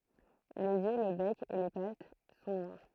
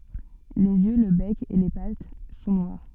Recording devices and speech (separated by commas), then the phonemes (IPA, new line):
throat microphone, soft in-ear microphone, read sentence
lez jø lə bɛk e le pat sɔ̃ nwaʁ